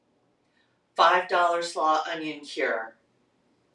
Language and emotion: English, neutral